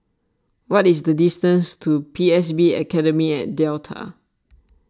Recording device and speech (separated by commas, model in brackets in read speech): standing microphone (AKG C214), read sentence